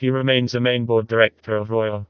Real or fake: fake